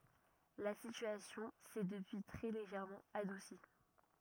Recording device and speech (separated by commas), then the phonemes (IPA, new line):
rigid in-ear microphone, read sentence
la sityasjɔ̃ sɛ dəpyi tʁɛ leʒɛʁmɑ̃ adusi